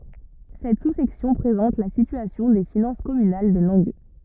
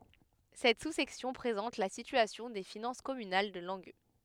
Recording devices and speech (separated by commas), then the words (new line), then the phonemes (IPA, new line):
rigid in-ear microphone, headset microphone, read sentence
Cette sous-section présente la situation des finances communales de Langueux.
sɛt susɛksjɔ̃ pʁezɑ̃t la sityasjɔ̃ de finɑ̃s kɔmynal də lɑ̃ɡø